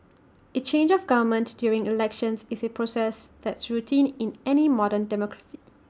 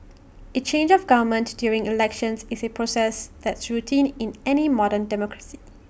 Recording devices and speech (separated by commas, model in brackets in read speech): standing microphone (AKG C214), boundary microphone (BM630), read sentence